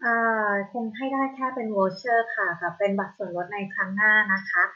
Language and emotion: Thai, neutral